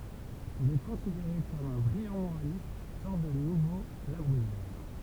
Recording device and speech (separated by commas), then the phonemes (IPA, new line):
temple vibration pickup, read sentence
il ɛ kɔ̃sideʁe kɔm œ̃ bʁijɑ̃ moʁalist sɔʁt də nuvo la bʁyijɛʁ